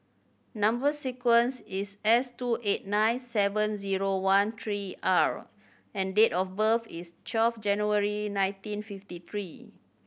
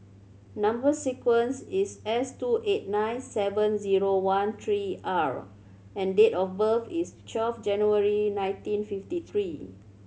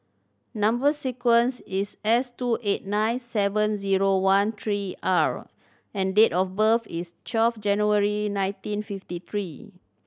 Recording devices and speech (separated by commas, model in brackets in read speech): boundary microphone (BM630), mobile phone (Samsung C7100), standing microphone (AKG C214), read sentence